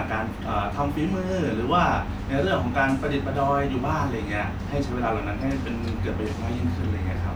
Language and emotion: Thai, neutral